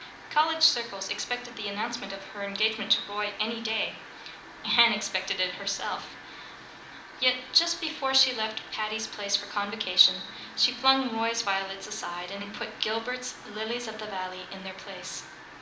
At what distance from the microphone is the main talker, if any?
2.0 m.